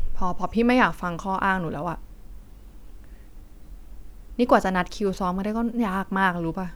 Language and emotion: Thai, frustrated